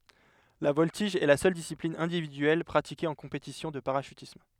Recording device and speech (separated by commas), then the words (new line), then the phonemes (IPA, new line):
headset microphone, read sentence
La voltige est la seule discipline individuelle pratiquée en compétition de parachutisme.
la vɔltiʒ ɛ la sœl disiplin ɛ̃dividyɛl pʁatike ɑ̃ kɔ̃petisjɔ̃ də paʁaʃytism